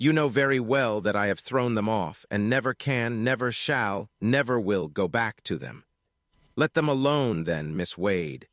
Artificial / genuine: artificial